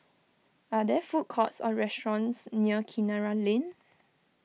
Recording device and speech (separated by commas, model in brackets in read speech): mobile phone (iPhone 6), read sentence